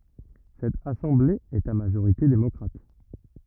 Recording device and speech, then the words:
rigid in-ear microphone, read sentence
Cette assemblée est à majorité démocrate.

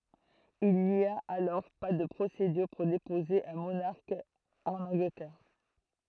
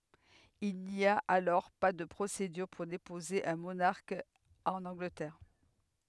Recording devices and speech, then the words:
throat microphone, headset microphone, read sentence
Il n'y a alors pas de procédure pour déposer un monarque en Angleterre.

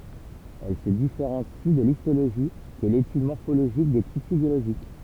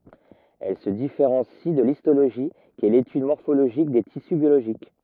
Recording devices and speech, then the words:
temple vibration pickup, rigid in-ear microphone, read sentence
Elle se différencie de l'histologie, qui est l'étude morphologique des tissus biologiques.

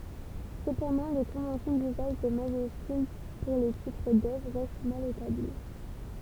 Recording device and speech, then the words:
temple vibration pickup, read sentence
Cependant les conventions d'usage des majuscules pour les titres d'œuvres restent mal établies.

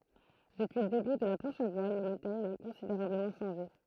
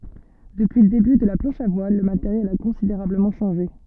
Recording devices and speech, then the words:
throat microphone, soft in-ear microphone, read sentence
Depuis le début de la planche à voile, le matériel a considérablement changé.

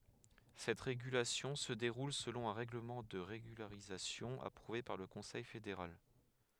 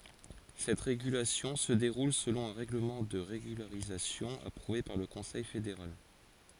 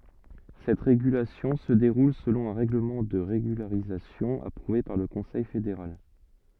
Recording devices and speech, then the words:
headset microphone, forehead accelerometer, soft in-ear microphone, read sentence
Cette régulation se déroule selon un règlement de régularisation approuvé par le Conseil fédéral.

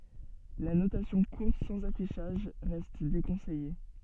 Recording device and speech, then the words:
soft in-ear microphone, read sentence
La notation courte sans affichage reste déconseillée.

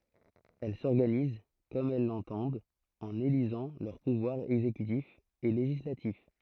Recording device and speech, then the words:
throat microphone, read sentence
Elle s'organisent comme elles l'entendent en élisant leurs pouvoirs exécutif et législatif.

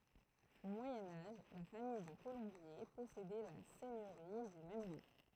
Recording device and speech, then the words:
throat microphone, read sentence
Au Moyen Âge, la famille de Colombier possédait la seigneurie du même nom.

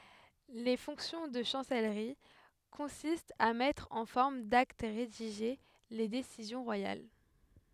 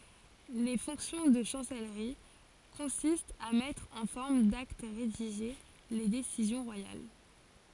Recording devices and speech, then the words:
headset microphone, forehead accelerometer, read sentence
Les fonctions de chancellerie consistent à mettre en forme d'acte rédigé les décisions royales.

